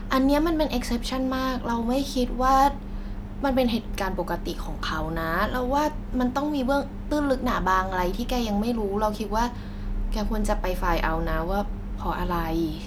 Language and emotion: Thai, neutral